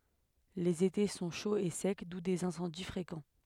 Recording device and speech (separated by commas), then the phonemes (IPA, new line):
headset microphone, read sentence
lez ete sɔ̃ ʃoz e sɛk du dez ɛ̃sɑ̃di fʁekɑ̃